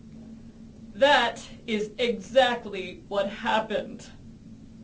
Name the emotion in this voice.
sad